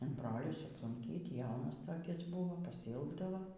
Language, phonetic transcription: Lithuanian, in ˈbrolius aplunˈkyt ˈjaunas toˈkis ˈbuvo pasiˈilgdavo

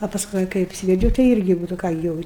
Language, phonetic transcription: Lithuanian, a pasˈkui kai apˈsyvedžiau tai ˈirgi ˈnu tai ˈką gi ˈjau

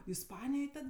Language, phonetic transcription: Lithuanian, isˈpanijoj ˈtad

